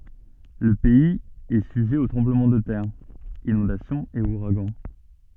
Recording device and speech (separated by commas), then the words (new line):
soft in-ear microphone, read sentence
Le pays est sujet aux tremblements de terre, inondations et ouragans.